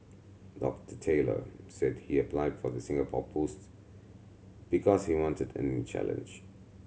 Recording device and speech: mobile phone (Samsung C7100), read sentence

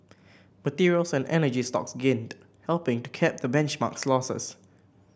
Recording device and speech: boundary microphone (BM630), read sentence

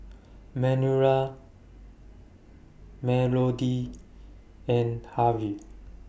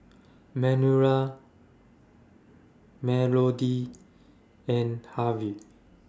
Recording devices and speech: boundary microphone (BM630), standing microphone (AKG C214), read sentence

